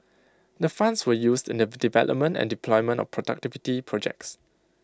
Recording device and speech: close-talking microphone (WH20), read sentence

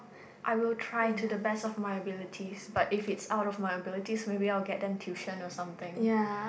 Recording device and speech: boundary microphone, conversation in the same room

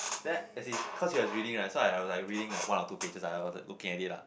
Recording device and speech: boundary microphone, conversation in the same room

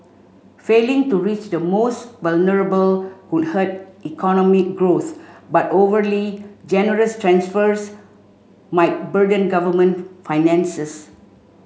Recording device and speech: mobile phone (Samsung C5), read sentence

